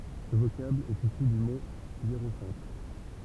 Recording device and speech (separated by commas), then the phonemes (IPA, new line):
temple vibration pickup, read sentence
sə vokabl ɛt isy dy mo jeʁofɑ̃t